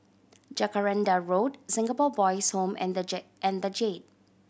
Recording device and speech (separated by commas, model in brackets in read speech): boundary microphone (BM630), read sentence